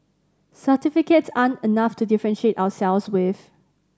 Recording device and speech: standing microphone (AKG C214), read sentence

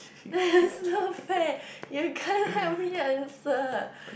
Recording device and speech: boundary microphone, conversation in the same room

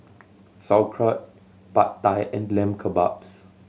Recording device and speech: mobile phone (Samsung C7100), read sentence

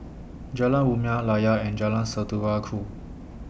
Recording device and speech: boundary microphone (BM630), read sentence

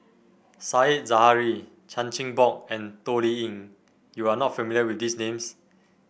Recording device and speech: boundary microphone (BM630), read sentence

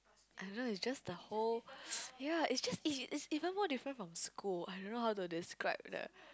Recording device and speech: close-talking microphone, conversation in the same room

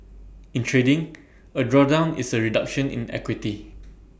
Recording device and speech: boundary microphone (BM630), read sentence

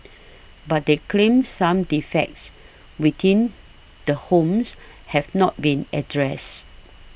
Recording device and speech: boundary microphone (BM630), read sentence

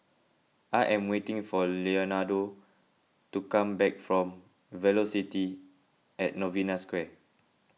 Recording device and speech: mobile phone (iPhone 6), read sentence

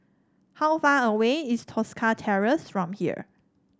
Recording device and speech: standing microphone (AKG C214), read sentence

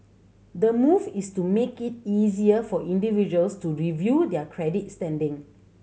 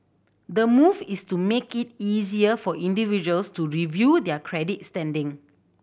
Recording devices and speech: mobile phone (Samsung C7100), boundary microphone (BM630), read sentence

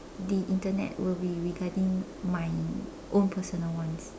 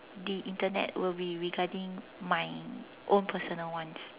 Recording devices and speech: standing microphone, telephone, conversation in separate rooms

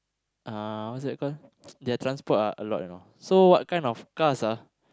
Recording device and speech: close-talking microphone, conversation in the same room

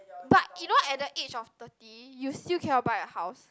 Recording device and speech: close-talking microphone, conversation in the same room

